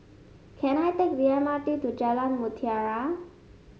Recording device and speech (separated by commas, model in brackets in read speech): mobile phone (Samsung S8), read sentence